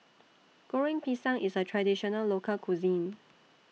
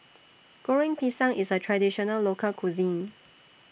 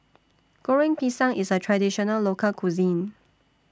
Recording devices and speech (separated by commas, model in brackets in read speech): mobile phone (iPhone 6), boundary microphone (BM630), standing microphone (AKG C214), read sentence